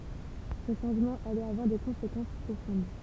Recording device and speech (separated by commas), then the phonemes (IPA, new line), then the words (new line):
temple vibration pickup, read sentence
sə ʃɑ̃ʒmɑ̃ alɛt avwaʁ de kɔ̃sekɑ̃s pʁofɔ̃d
Ce changement allait avoir des conséquences profondes.